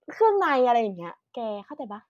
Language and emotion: Thai, neutral